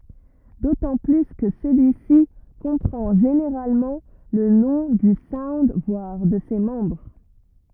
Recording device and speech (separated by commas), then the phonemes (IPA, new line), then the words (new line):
rigid in-ear microphone, read sentence
dotɑ̃ ply kə səlyisi kɔ̃pʁɑ̃ ʒeneʁalmɑ̃ lə nɔ̃ dy saund vwaʁ də se mɑ̃bʁ
D'autant plus que celui-ci comprend généralement le nom du sound voire de ses membres.